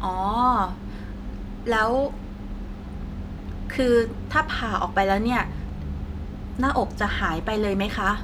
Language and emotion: Thai, frustrated